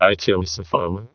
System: VC, vocoder